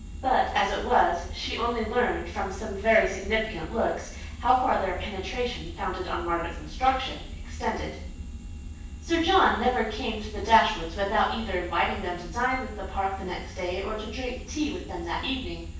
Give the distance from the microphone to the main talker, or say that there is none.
9.8 m.